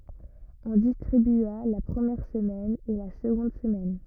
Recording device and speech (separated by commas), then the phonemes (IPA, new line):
rigid in-ear microphone, read sentence
ɔ̃ distʁibya la pʁəmjɛʁ səmɛn e la səɡɔ̃d səmɛn